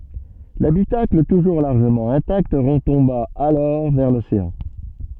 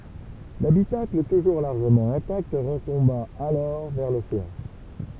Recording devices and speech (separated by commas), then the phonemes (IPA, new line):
soft in-ear microphone, temple vibration pickup, read sentence
labitakl tuʒuʁ laʁʒəmɑ̃ ɛ̃takt ʁətɔ̃ba alɔʁ vɛʁ loseɑ̃